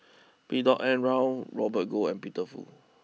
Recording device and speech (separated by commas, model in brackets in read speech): mobile phone (iPhone 6), read sentence